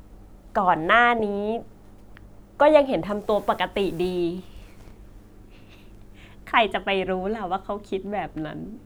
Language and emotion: Thai, happy